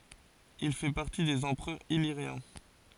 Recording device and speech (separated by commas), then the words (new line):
forehead accelerometer, read sentence
Il fait partie des empereurs illyriens.